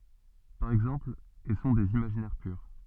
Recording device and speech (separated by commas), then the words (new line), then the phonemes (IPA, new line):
soft in-ear microphone, read sentence
Par exemple, et sont des imaginaires purs.
paʁ ɛɡzɑ̃pl e sɔ̃ dez imaʒinɛʁ pyʁ